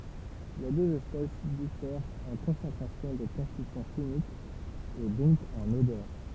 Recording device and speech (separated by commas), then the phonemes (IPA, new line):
temple vibration pickup, read sentence
le døz ɛspɛs difɛʁt ɑ̃ kɔ̃sɑ̃tʁasjɔ̃ də kɔ̃stityɑ̃ ʃimikz e dɔ̃k ɑ̃n odœʁ